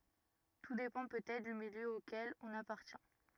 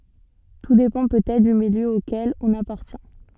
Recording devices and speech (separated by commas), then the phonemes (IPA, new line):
rigid in-ear microphone, soft in-ear microphone, read sentence
tu depɑ̃ pøtɛtʁ dy miljø okɛl ɔ̃n apaʁtjɛ̃